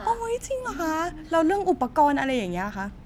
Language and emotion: Thai, happy